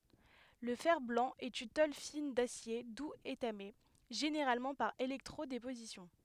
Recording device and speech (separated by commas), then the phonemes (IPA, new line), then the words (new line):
headset microphone, read sentence
lə fɛʁ blɑ̃ ɛt yn tol fin dasje duz etame ʒeneʁalmɑ̃ paʁ elɛktʁo depozisjɔ̃
Le fer-blanc est une tôle fine d'acier doux étamée, généralement par électro-déposition.